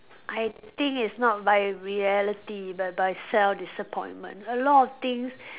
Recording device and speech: telephone, conversation in separate rooms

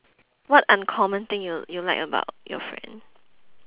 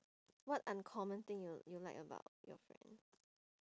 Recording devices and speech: telephone, standing microphone, conversation in separate rooms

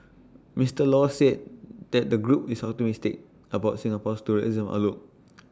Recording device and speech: standing microphone (AKG C214), read sentence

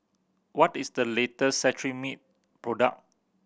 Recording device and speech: boundary microphone (BM630), read sentence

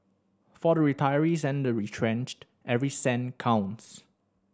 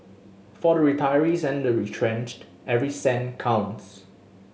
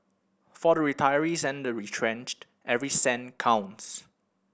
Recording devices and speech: standing microphone (AKG C214), mobile phone (Samsung S8), boundary microphone (BM630), read sentence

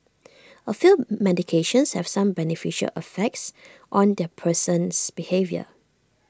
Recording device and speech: standing microphone (AKG C214), read sentence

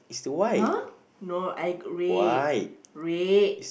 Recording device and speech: boundary microphone, conversation in the same room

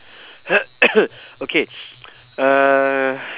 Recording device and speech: telephone, conversation in separate rooms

